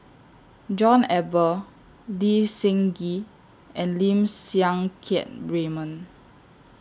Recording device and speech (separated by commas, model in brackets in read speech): standing microphone (AKG C214), read sentence